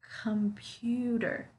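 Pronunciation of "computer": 'Computer' is said smoothly in one go, with no pauses between the syllables. The stress is on the second syllable.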